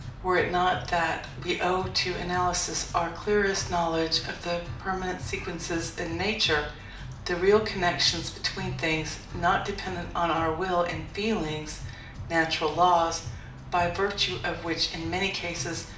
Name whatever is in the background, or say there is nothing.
Music.